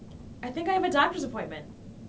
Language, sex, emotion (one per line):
English
female
neutral